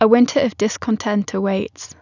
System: none